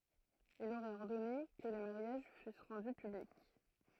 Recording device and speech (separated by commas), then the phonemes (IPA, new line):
throat microphone, read sentence
il oʁɛt ɔʁdɔne kə le maʁjaʒ fys ʁɑ̃dy pyblik